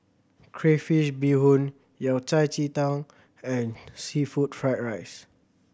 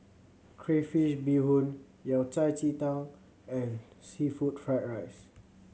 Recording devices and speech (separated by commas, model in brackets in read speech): boundary microphone (BM630), mobile phone (Samsung C7100), read sentence